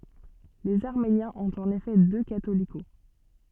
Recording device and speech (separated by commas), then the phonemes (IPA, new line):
soft in-ear microphone, read sentence
lez aʁmenjɛ̃z ɔ̃t ɑ̃n efɛ dø katoliko